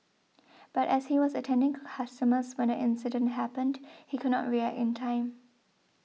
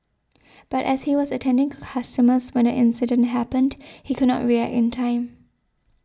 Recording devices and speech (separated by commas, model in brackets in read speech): mobile phone (iPhone 6), standing microphone (AKG C214), read sentence